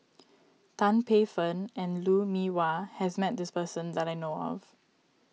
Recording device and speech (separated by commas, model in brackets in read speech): mobile phone (iPhone 6), read sentence